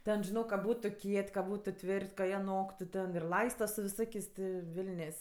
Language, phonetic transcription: Lithuanian, ˈten žiˈnok ka ˈbūtu ˈkiet' ka ˈbūtu ˈtvir't' ka ˈjie ˈnoktu ten ir ˈlaista su viˈsokės' ti ˈvilnės'

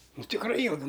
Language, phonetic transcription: Lithuanian, ˈnu tikˈrai ˈjylgu

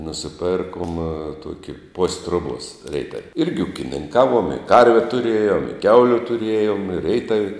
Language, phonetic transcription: Lithuanian, nusiˈpėrkuom ˈtuoki pos' ˈtruobuos ˈreitav' ˈirgi ukininˈkaˌvuom i ˈkarve tuˈrėjom i ˈkiauliu tuˈrėjom i reitav'

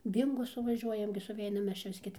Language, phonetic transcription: Lithuanian, ˈbyngo suvaˈžiuojam gi suˈveinam ˈmes ˈčia vis ˈket

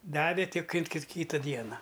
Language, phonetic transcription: Lithuanian, ˈdavė ˈtik ˈin kit ˈkyta ˈdiena

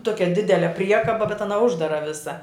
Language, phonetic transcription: Lithuanian, ˈtokia ˈdidele ˈpriekaba bet aˈna ˈuždara ˈvisa

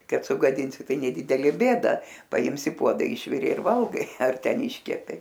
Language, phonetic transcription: Lithuanian, ˈkad sugaˈdinsi ˈtai neˈdidelė ˈbėda paˈims i ˈpuoda ˈišvirė ir ˈvalgai ar ˈten ˈiškepė

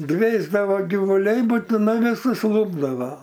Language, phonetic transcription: Lithuanian, ˈdvėsdavo givuˈliai butiˈnai viˈsus ˈlūpdava

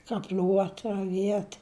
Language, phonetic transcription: Lithuanian, kaˈpliuot raˈviet

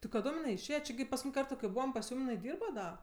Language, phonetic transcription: Lithuanian, tai kaˈdom jiˈnai išˈėje či gi paskuˈtyn' ˈkarto kai ˈbūvam pas ˈjūm jiˈnai ˈdyrba ˈda

